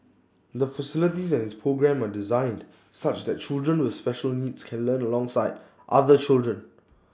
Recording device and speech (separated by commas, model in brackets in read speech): standing microphone (AKG C214), read sentence